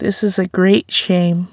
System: none